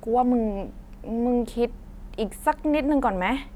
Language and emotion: Thai, frustrated